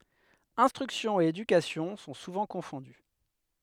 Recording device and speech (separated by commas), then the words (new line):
headset microphone, read sentence
Instruction et éducation sont souvent confondues.